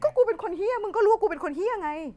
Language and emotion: Thai, frustrated